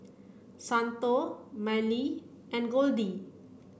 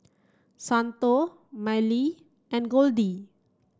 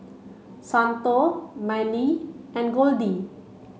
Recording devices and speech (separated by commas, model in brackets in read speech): boundary microphone (BM630), standing microphone (AKG C214), mobile phone (Samsung C5), read sentence